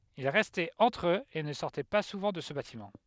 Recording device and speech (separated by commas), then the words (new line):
headset microphone, read sentence
Ils restaient entre eux et ne sortaient pas souvent de ce bâtiment.